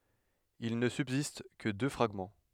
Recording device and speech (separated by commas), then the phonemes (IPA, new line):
headset microphone, read sentence
il nə sybzist kə dø fʁaɡmɑ̃